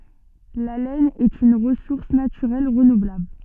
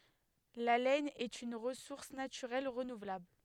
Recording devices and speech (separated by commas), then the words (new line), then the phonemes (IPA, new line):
soft in-ear microphone, headset microphone, read sentence
La laine est une ressource naturelle renouvelable.
la lɛn ɛt yn ʁəsuʁs natyʁɛl ʁənuvlabl